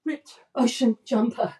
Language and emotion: English, fearful